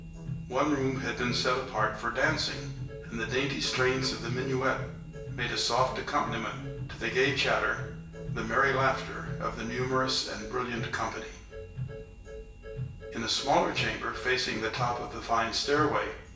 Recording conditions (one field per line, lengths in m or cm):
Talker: one person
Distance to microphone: 1.8 m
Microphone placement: close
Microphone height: 1.0 m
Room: large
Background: music